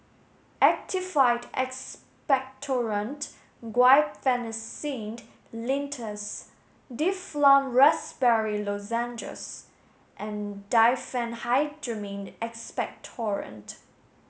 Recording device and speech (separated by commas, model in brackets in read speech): mobile phone (Samsung S8), read sentence